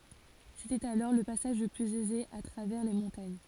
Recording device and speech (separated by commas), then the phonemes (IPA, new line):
forehead accelerometer, read sentence
setɛt alɔʁ lə pasaʒ lə plyz ɛze a tʁavɛʁ le mɔ̃taɲ